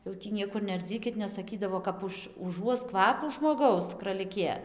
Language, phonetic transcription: Lithuanian, jau tį ˈniekur nearˈdzykit nes saˈkydavo kap ˈuž uˈžuos ˈkvapų žmoˈgaus kraliˈkė

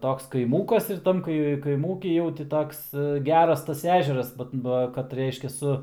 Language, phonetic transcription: Lithuanian, ˈtoks kaiˈmūkas ir ˈtam kai kaiˈmūky jau ti ˈtoks ˈgeras tas ˈežeras bat ˈba kad ˈreiškia ˈsu

